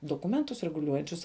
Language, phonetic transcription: Lithuanian, doˈkumentus reguˈliuojančius

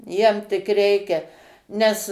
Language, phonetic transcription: Lithuanian, ˈjiem tik ˈreikia ˈnes

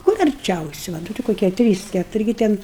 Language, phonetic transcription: Lithuanian, kur arˈčiausi va ˈti koˈkie ˈtrys ˈketuri gi ˈten

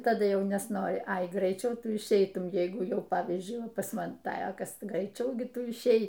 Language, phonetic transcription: Lithuanian, taˈdu ˈjau nesˈnori ai graiˈčiau ˈtu išˈeitum ˈjeigu ˈjau ˈpavyzdžiui pas ˈman ˈta ˈjokios graiˈčiau ˈgi ˈtu išˈei

